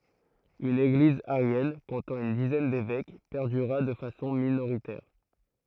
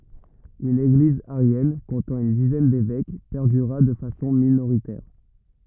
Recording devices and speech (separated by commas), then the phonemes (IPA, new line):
throat microphone, rigid in-ear microphone, read sentence
yn eɡliz aʁjɛn kɔ̃tɑ̃ yn dizɛn devɛk pɛʁdyʁa də fasɔ̃ minoʁitɛʁ